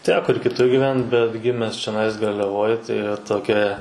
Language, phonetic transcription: Lithuanian, ˈteko ir kiˈtur gyˈvent bet ˈgimes čiaˈnais garliaˈvoj tai va toˈkia

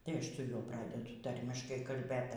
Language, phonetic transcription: Lithuanian, tai ˈaš toˈliau ˈpradedu ˈtarmiškai kalˈbėt

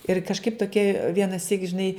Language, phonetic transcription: Lithuanian, ir kažˈkaip toˈkie vienaˈsyk žiˈnai

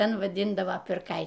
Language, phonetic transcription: Lithuanian, ˈten vaˈdyndavo pirˈkai

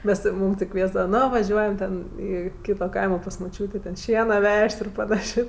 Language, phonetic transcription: Lithuanian, ˈmes ˈmūm ti ˈkviesdava ˈno vaˈžiuojam ˈten ˈį ˈkyto ˈkaimo pas muˈčiūtė ten ˈšiena ˈvežt' ir paˈnašė

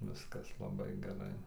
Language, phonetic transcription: Lithuanian, ˈviskas laˈbai geˈrai

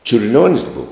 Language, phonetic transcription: Lithuanian, čiurˈlionis ˈbuvo

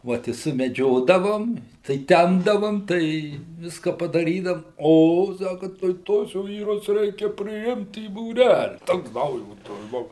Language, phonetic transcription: Lithuanian, ˈvot i sumeˈdžiodavom tai ˈtempdavom tai ˈviska padaˈrydam ˈo ˈsaka tai ˈtuos ˈvyrus ˈreikia priˈimt į būˈræli ˈtoks ˈdaujotas ˈbuvu

